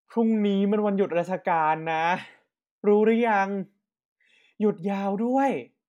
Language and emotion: Thai, happy